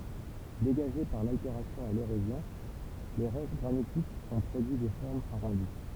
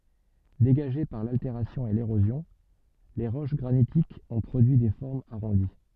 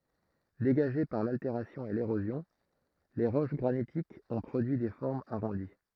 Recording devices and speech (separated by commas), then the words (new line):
temple vibration pickup, soft in-ear microphone, throat microphone, read sentence
Dégagées par l'altération et l'érosion,les roches granitiques ont produit des formes arrondies.